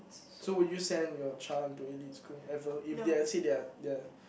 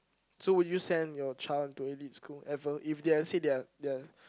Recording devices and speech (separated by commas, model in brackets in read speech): boundary microphone, close-talking microphone, conversation in the same room